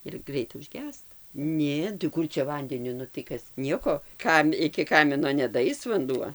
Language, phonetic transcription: Lithuanian, ir ˈgreita užˈgęsta ˈnė tai ˈkur čia ˈvandeniu nu tai ˈkas ˈnieko ˈkam iki ˈkamino nedaˈais vanˈduo

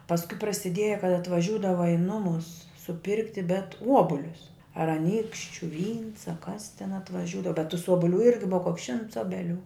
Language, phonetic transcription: Lithuanian, pasˈkui prasiˈdieja kad atvaˈžiūdava i ˈnumus suˈpirkti bet ˈuobulius ar aˈnykščiu vyns a kas ten atvaˈžiūdava bet tus ˈobuˌlių ˈirgi ˈbuva koks šimts ˈobeˌlių

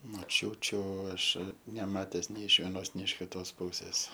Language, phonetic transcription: Lithuanian, moˈčiūčiu ˈaš neˈmates nei iš vieˈnos nei iš ˈkitos ˈpūsės

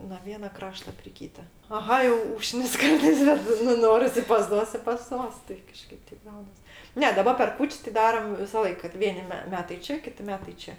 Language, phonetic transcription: Lithuanian, no ˈviena ˈkrašta pri ˈkyta aˈha jau ˈūžknis ˈkartais ˈbet nu ˈnoris i pas ˈtuos i pas ˈtuos tai kaˈžkaip ˈteip ˈgaunas ˈne daˈba per ˈkūč's' ti ˈdaram visaˈlaik kad ˈvieni me ˈmetai ˈčia ˈkiti ˈmetai ˈčia

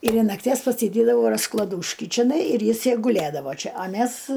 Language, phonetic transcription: Lithuanian, ir in nakˈties pasiˈdėdavau rasklaˈdūški čiˈnai ir ˈjis ˈjaj guˈlėdavo ˈči a ˈmæs

